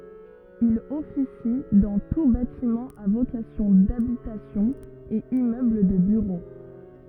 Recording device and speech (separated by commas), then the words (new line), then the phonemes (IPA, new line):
rigid in-ear microphone, read sentence
Il officie dans tous bâtiments à vocation d'habitation et immeubles de bureaux.
il ɔfisi dɑ̃ tus batimɑ̃z a vokasjɔ̃ dabitasjɔ̃ e immøbl də byʁo